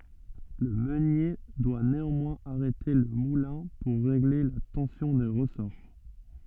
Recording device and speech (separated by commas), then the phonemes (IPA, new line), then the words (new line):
soft in-ear microphone, read sentence
lə mønje dwa neɑ̃mwɛ̃z aʁɛte lə mulɛ̃ puʁ ʁeɡle la tɑ̃sjɔ̃ de ʁəsɔʁ
Le meunier doit néanmoins arrêter le moulin pour régler la tension des ressorts.